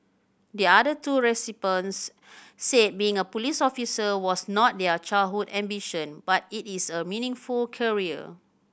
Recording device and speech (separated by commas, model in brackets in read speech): boundary microphone (BM630), read sentence